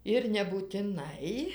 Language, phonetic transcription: Lithuanian, ir nebūtiˈnai

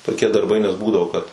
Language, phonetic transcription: Lithuanian, tokie darˈbai nes ˈbūdavo kad

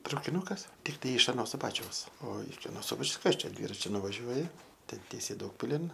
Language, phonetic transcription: Lithuanian, traukiˈnukas tikˈtai iš aˈno suˈbačiaus o iki aˈno ˈsubačiaus ˈkas ˈčia ˈdvyračiu nuvaˈžiuoji ˈten ˈtiesiai ˈdaugpilin

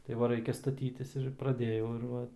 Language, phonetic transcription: Lithuanian, tai ˈva ˈraikia staˈtytis ir praˈdėjau ir ˈva

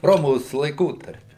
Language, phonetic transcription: Lithuanian, ˈromos laiˈkotarpi

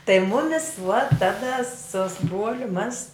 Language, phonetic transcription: Lithuanian, tai ˈmumis vuot ˈtada su su ˈbruoliu mas

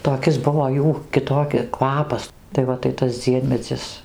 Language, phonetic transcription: Lithuanian, toˈkis ˈbuvo ˈjų kiˈtoki ˈkvapas tai ˈva tai ˈtas ˈdziemedzis

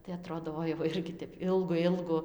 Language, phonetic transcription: Lithuanian, tai aˈtrodo ˈoi va ˈirgi ˈtep ˈilgu ˈilgu

